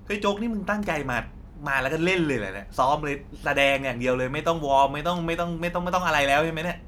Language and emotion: Thai, angry